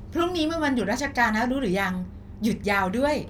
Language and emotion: Thai, happy